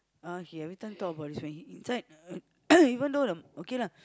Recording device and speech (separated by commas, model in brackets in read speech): close-talking microphone, conversation in the same room